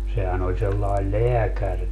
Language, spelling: Finnish, sehän oli sellainen lääkärikin
- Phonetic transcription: 'sehän ‿oĺ sellael "leäkärki .

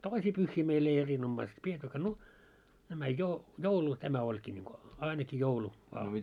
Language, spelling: Finnish, toisia pyhiä meillä ei erinomaista pidettykään no nämä - joulu tämä olikin niin kuin ainakin joulu vain
- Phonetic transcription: 'toisii 'pyhhii meil ‿ei 'erinommaist 'piettykkä no , nämä jo- 'joulu tämä oĺkii ńiŋko , 'aineki 'joulu , vaa .

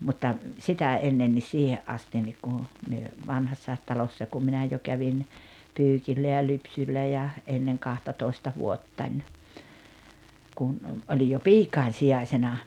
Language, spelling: Finnish, mutta sitä ennen niin siihen asti niin kun me Vanhassakin Talossa kun minä jo kävin pyykillä ja lypsyllä ja ennen kahtatoista vuottani kun olin jo piikojen sijaisena
- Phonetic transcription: mutta , 'sitä 'ennen nis 'siihe’ ’astin nik kun̬ , 'myö , 'Vanhassàet Talossa kum 'minä jo 'kävin , 'pyykillä ja 'lypsyllä ja , '’enneŋ 'kahtatoista 'vuottań , kum , 'oĺij jo "piikain̬ 'sijaisena .

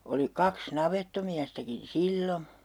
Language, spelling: Finnish, oli kaksi navettamiestäkin silloin
- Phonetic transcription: oli 'kaks "navettomiästäkin̬ "sillo .

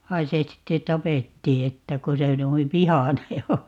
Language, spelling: Finnish, vaan se sitten tapettiin että kun se noin vihainen on
- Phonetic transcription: 'vai se 'sitte "tapettii 'että » ko se 'nuiv "vihane o » .

